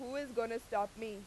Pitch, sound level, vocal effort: 230 Hz, 93 dB SPL, very loud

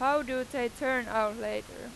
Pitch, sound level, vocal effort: 250 Hz, 96 dB SPL, very loud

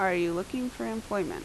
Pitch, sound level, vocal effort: 205 Hz, 80 dB SPL, normal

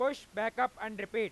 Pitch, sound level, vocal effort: 220 Hz, 104 dB SPL, loud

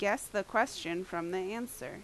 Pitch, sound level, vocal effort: 200 Hz, 85 dB SPL, very loud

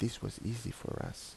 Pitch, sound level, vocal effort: 120 Hz, 74 dB SPL, soft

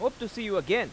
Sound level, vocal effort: 95 dB SPL, very loud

